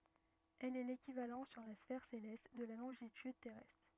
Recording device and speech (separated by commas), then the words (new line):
rigid in-ear microphone, read sentence
Elle est l'équivalent sur la sphère céleste de la longitude terrestre.